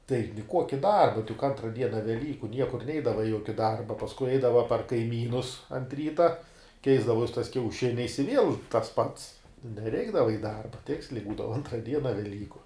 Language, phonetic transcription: Lithuanian, tai niˈkuoki ˈdarba tai juk ˈantra ˈdiena veˈlyku ˈniekur ˈneidava i ˈjuoki ˈdarba pasˈkui ˈaidava par kaiˈmynus ant ˈryta ˈkeisdavos tais kiauˈšiniais i ˈviel tas pats neˈreikdava i ˈdarba ˈtiksliai ˈbūdava ˈantra ˈdiena veˈlyku

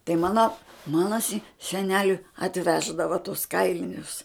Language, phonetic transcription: Lithuanian, tai ˈmana ˈmana si seˈneliui atˈveždava tus ˈkailinius

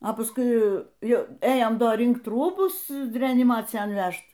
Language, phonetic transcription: Lithuanian, o pasˈkui ˈjau ˈėjom ˈdo ˈrinkt ˈrūbus reaniˈmacijan ˈvæžt

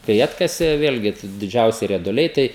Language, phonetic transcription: Lithuanian, kai ˈatkasė ˈvėlgi t diˈdžiausi rieduˈliai ˈtai

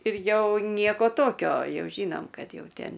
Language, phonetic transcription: Lithuanian, ir ˈjau ˈnieko ˈtokio ˈjau ˈžynom ˈkad ˈjau ˈtėn

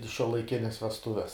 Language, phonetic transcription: Lithuanian, i šiuolaiˈkines vesˈtuves

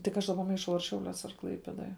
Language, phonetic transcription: Lithuanian, tik ˈaš ˈdaˌba maiˈšau ar ˈšiauliuos ar ˈklaipėdoj

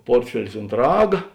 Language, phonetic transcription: Lithuanian, ˈportfelis unt ˈraga

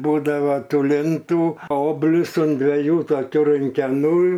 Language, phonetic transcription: Lithuanian, ˈbūdava ˈtų ˈlintų ˈoblius un dveˈjų toˈkių runkeˈnų

